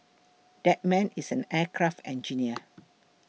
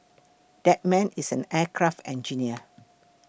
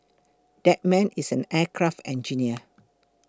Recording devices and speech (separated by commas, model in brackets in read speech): mobile phone (iPhone 6), boundary microphone (BM630), close-talking microphone (WH20), read sentence